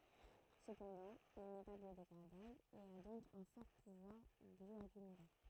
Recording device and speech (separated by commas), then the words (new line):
throat microphone, read sentence
Cependant, il n'est pas biodégradable, et à donc un fort pouvoir bioaccumulant.